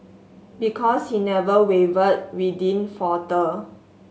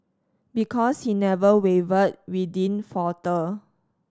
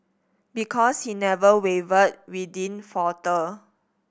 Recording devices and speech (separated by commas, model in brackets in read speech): mobile phone (Samsung S8), standing microphone (AKG C214), boundary microphone (BM630), read sentence